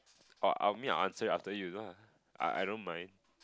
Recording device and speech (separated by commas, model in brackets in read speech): close-talking microphone, conversation in the same room